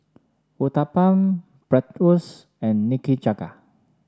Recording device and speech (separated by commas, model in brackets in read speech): standing microphone (AKG C214), read sentence